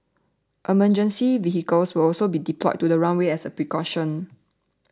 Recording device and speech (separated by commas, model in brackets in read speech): standing microphone (AKG C214), read sentence